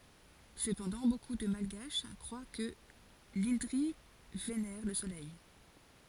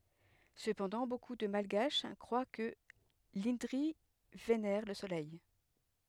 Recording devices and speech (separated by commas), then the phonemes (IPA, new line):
forehead accelerometer, headset microphone, read sentence
səpɑ̃dɑ̃ boku də malɡaʃ kʁwa kə lɛ̃dʁi venɛʁ lə solɛj